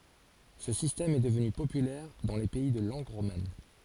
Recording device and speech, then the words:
forehead accelerometer, read sentence
Ce système est devenu populaire dans les pays de langue romane.

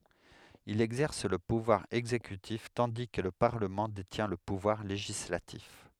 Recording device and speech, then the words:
headset microphone, read sentence
Il exerce le pouvoir exécutif tandis que le parlement détient le pouvoir législatif.

